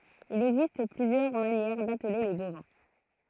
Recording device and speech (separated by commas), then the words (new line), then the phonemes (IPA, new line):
throat microphone, read sentence
Il existe plusieurs manières d’atteler les bovins.
il ɛɡzist plyzjœʁ manjɛʁ datle le bovɛ̃